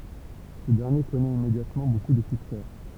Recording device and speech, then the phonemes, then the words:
temple vibration pickup, read sentence
sə dɛʁnje kɔnɛt immedjatmɑ̃ boku də syksɛ
Ce dernier connaît immédiatement beaucoup de succès.

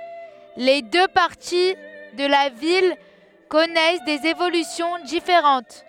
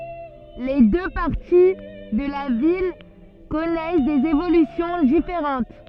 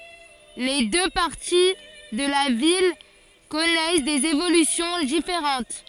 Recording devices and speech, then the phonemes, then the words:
headset microphone, soft in-ear microphone, forehead accelerometer, read sentence
le dø paʁti də la vil kɔnɛs dez evolysjɔ̃ difeʁɑ̃t
Les deux parties de la ville connaissent des évolutions différentes.

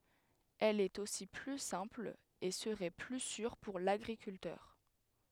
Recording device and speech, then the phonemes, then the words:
headset microphone, read sentence
ɛl ɛt osi ply sɛ̃pl e səʁɛ ply syʁ puʁ laɡʁikyltœʁ
Elle est aussi plus simple et serait plus sûre pour l'agriculteur.

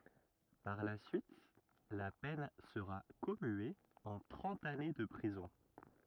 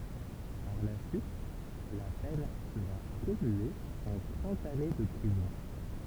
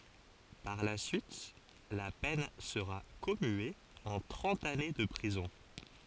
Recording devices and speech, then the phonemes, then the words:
rigid in-ear microphone, temple vibration pickup, forehead accelerometer, read sentence
paʁ la syit la pɛn səʁa kɔmye ɑ̃ tʁɑ̃t ane də pʁizɔ̃
Par la suite, la peine sera commuée en trente années de prison.

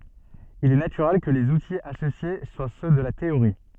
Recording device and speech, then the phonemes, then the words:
soft in-ear microphone, read sentence
il ɛ natyʁɛl kə lez utiz asosje swa sø də la teoʁi
Il est naturel que les outils associés soient ceux de la théorie.

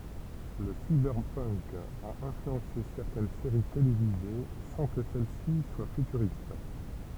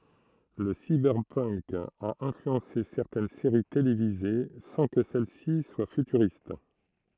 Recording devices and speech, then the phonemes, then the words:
temple vibration pickup, throat microphone, read sentence
lə sibɛʁpənk a ɛ̃flyɑ̃se sɛʁtɛn seʁi televize sɑ̃ kə sɛl si swa fytyʁist
Le cyberpunk a influencé certaines séries télévisées sans que celles-ci soient futuristes.

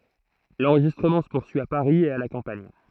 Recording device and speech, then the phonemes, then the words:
throat microphone, read sentence
lɑ̃ʁʒistʁəmɑ̃ sə puʁsyi a paʁi e a la kɑ̃paɲ
L’enregistrement se poursuit à Paris et à la campagne.

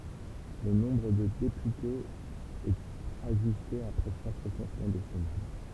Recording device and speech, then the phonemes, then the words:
temple vibration pickup, read sentence
lə nɔ̃bʁ də depytez ɛt aʒyste apʁɛ ʃak ʁəsɑ̃smɑ̃ desɛnal
Le nombre de députés est ajusté après chaque recensement décennal.

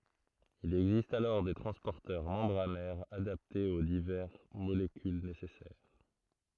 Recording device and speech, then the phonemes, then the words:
throat microphone, read sentence
il ɛɡzist alɔʁ de tʁɑ̃spɔʁtœʁ mɑ̃bʁanɛʁz adaptez o divɛʁ molekyl nesɛsɛʁ
Il existe alors des transporteurs membranaires adaptés aux divers molécules nécessaires.

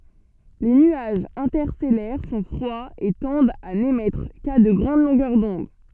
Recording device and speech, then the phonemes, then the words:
soft in-ear microphone, read sentence
le nyaʒz ɛ̃tɛʁstɛlɛʁ sɔ̃ fʁwaz e tɑ̃dt a nemɛtʁ ka də ɡʁɑ̃d lɔ̃ɡœʁ dɔ̃d
Les nuages interstellaires sont froids et tendent à n'émettre qu'à de grandes longueurs d'onde.

